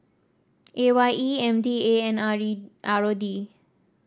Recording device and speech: standing microphone (AKG C214), read sentence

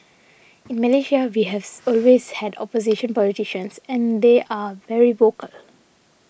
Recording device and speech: boundary microphone (BM630), read sentence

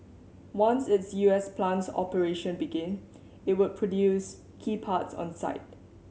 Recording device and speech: mobile phone (Samsung C7100), read sentence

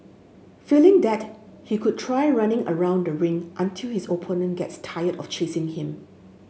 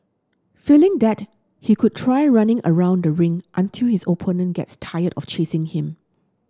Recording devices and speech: mobile phone (Samsung S8), standing microphone (AKG C214), read sentence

